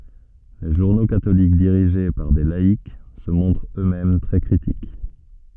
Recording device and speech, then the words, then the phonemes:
soft in-ear microphone, read sentence
Les journaux catholiques dirigés par des laïcs se montrent eux-mêmes très critiques.
le ʒuʁno katolik diʁiʒe paʁ de laik sə mɔ̃tʁt ø mɛm tʁɛ kʁitik

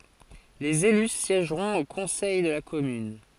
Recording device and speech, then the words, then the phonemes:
forehead accelerometer, read sentence
Les élus siègeront au Conseil de la Commune.
lez ely sjɛʒʁɔ̃t o kɔ̃sɛj də la kɔmyn

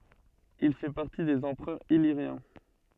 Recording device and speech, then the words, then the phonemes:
soft in-ear microphone, read sentence
Il fait partie des empereurs illyriens.
il fɛ paʁti dez ɑ̃pʁœʁz iliʁjɛ̃

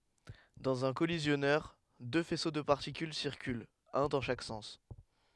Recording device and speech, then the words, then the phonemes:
headset microphone, read sentence
Dans un collisionneur, deux faisceaux de particules circulent, un dans chaque sens.
dɑ̃z œ̃ kɔlizjɔnœʁ dø fɛso də paʁtikyl siʁkylt œ̃ dɑ̃ ʃak sɑ̃s

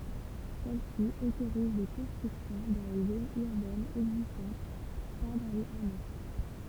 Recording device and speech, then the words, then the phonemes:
temple vibration pickup, read sentence
Celle-ci autorise des constructions dans les zones urbaines existantes, pas dans les hameaux.
sɛl si otoʁiz de kɔ̃stʁyksjɔ̃ dɑ̃ le zonz yʁbɛnz ɛɡzistɑ̃t pa dɑ̃ lez amo

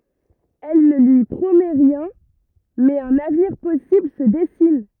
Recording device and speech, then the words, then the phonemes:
rigid in-ear microphone, read sentence
Elle ne lui promet rien, mais un avenir possible se dessine.
ɛl nə lyi pʁomɛ ʁjɛ̃ mɛz œ̃n avniʁ pɔsibl sə dɛsin

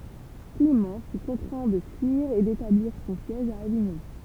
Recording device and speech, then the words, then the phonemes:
temple vibration pickup, read sentence
Clément fut contraint de fuir et d'établir son siège à Avignon.
klemɑ̃ fy kɔ̃tʁɛ̃ də fyiʁ e detabliʁ sɔ̃ sjɛʒ a aviɲɔ̃

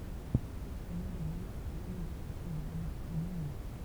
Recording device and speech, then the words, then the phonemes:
temple vibration pickup, read sentence
Il se mobilise pour l'amélioration de l'habitat minier.
il sə mobiliz puʁ lameljoʁasjɔ̃ də labita minje

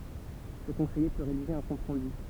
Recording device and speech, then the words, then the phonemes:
temple vibration pickup, read sentence
Ce conseiller peut rédiger un compte-rendu.
sə kɔ̃sɛje pø ʁediʒe œ̃ kɔ̃t ʁɑ̃dy

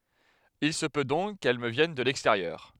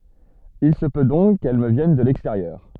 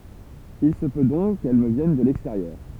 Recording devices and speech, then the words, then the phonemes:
headset microphone, soft in-ear microphone, temple vibration pickup, read sentence
Il se peut donc qu'elle me vienne de l'extérieur.
il sə pø dɔ̃k kɛl mə vjɛn də lɛksteʁjœʁ

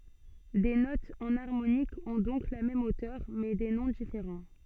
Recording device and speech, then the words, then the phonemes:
soft in-ear microphone, read sentence
Des notes enharmoniques ont donc la même hauteur, mais des noms différents.
de notz ɑ̃naʁmonikz ɔ̃ dɔ̃k la mɛm otœʁ mɛ de nɔ̃ difeʁɑ̃

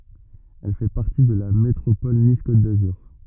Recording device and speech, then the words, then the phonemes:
rigid in-ear microphone, read sentence
Elle fait partie de la métropole Nice Côte d'Azur.
ɛl fɛ paʁti də la metʁopɔl nis kot dazyʁ

